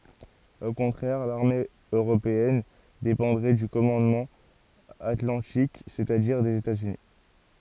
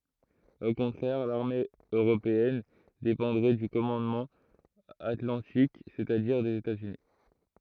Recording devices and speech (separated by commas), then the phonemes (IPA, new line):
forehead accelerometer, throat microphone, read sentence
o kɔ̃tʁɛʁ laʁme øʁopeɛn depɑ̃dʁɛ dy kɔmɑ̃dmɑ̃ atlɑ̃tik sɛt a diʁ dez etaz yni